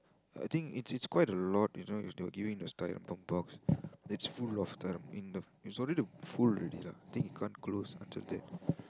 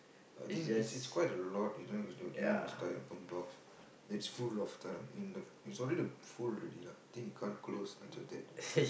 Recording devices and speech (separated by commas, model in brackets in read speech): close-talking microphone, boundary microphone, conversation in the same room